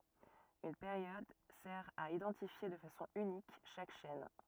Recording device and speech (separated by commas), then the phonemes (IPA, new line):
rigid in-ear microphone, read sentence
yn peʁjɔd sɛʁ a idɑ̃tifje də fasɔ̃ ynik ʃak ʃɛn